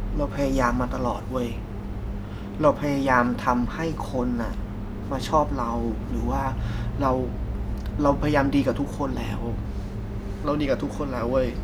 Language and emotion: Thai, frustrated